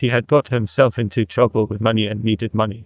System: TTS, neural waveform model